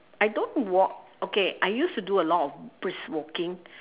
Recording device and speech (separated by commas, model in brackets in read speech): telephone, conversation in separate rooms